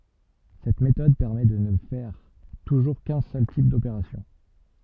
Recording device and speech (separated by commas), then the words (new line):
soft in-ear microphone, read sentence
Cette méthode permet de ne faire toujours qu'un seul type d'opération.